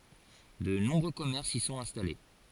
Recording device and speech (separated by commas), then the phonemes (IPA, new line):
forehead accelerometer, read sentence
də nɔ̃bʁø kɔmɛʁsz i sɔ̃t ɛ̃stale